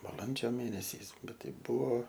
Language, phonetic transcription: Lithuanian, baˈlandžio ˈmėnesiais ˈbet ˈtai ˈbuvo

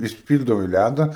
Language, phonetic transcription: Lithuanian, išˈpyl'davai ˈlæda

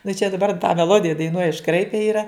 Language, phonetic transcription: Lithuanian, nu čia daˈbar tą meˈlodija daiˈnuoj išˈkraipe ˈyra

